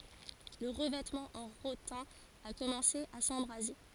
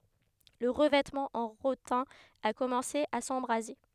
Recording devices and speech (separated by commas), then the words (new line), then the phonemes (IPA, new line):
forehead accelerometer, headset microphone, read sentence
Le revêtement en rotin a commencé à s'embraser.
lə ʁəvɛtmɑ̃ ɑ̃ ʁotɛ̃ a kɔmɑ̃se a sɑ̃bʁaze